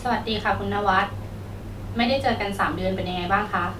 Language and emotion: Thai, neutral